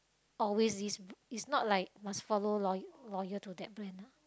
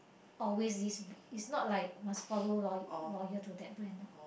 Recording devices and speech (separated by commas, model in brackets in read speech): close-talking microphone, boundary microphone, conversation in the same room